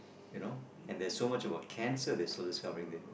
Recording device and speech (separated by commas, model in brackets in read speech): boundary microphone, conversation in the same room